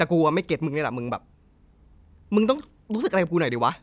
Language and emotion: Thai, frustrated